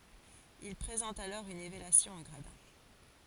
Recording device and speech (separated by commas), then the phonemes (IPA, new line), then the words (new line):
forehead accelerometer, read sentence
il pʁezɑ̃tt alɔʁ yn elevasjɔ̃ ɑ̃ ɡʁadɛ̃
Ils présentent alors une élévation en gradins.